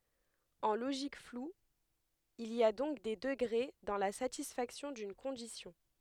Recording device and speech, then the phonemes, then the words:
headset microphone, read sentence
ɑ̃ loʒik flu il i a dɔ̃k de dəɡʁe dɑ̃ la satisfaksjɔ̃ dyn kɔ̃disjɔ̃
En logique floue, il y a donc des degrés dans la satisfaction d'une condition.

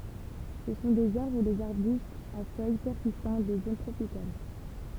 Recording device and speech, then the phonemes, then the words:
temple vibration pickup, read sentence
sə sɔ̃ dez aʁbʁ u dez aʁbystz a fœj pɛʁsistɑ̃t de zon tʁopikal
Ce sont des arbres ou des arbustes à feuilles persistantes des zones tropicales.

